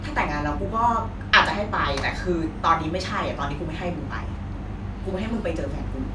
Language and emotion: Thai, frustrated